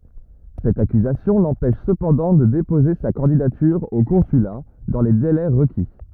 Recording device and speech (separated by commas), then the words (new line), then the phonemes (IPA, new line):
rigid in-ear microphone, read sentence
Cette accusation l'empêche cependant de déposer sa candidature au consulat dans les délais requis.
sɛt akyzasjɔ̃ lɑ̃pɛʃ səpɑ̃dɑ̃ də depoze sa kɑ̃didatyʁ o kɔ̃syla dɑ̃ le delɛ ʁəki